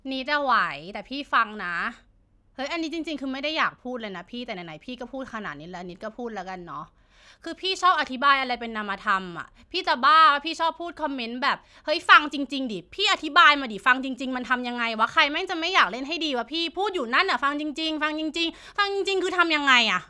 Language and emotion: Thai, frustrated